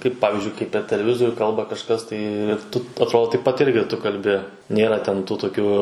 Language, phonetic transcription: Lithuanian, ˈkaip ˈpavizdžiui kaip per teleˈvizorių ˈkalba kažˈkas ˈtai ir ˈtu atˈrodo taip pat ˈirgi ˈtu kalˈbi ˈnėra ten tų toˈkių

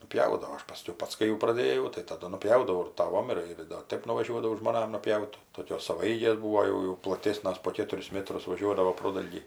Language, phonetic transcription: Lithuanian, nuˈpjaudavo ˈaš paˈskiau ˈpats kai jau praˈdėjau tai taˈdu nuˈpjaudavau ir taˈvom ˈir ir do ˈtaip nuvaˈžiuodavau žmoˈnam nupˈjaut toˈkios savaˈeigės ˈbūvo ˈjau jau plaˈtėsnas po ˈkėturis ˈmetrus vaˈžiuodavo ˈprodalgį

